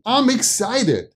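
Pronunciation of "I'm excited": In 'I'm excited', 'I'm' is pronounced as 'um'.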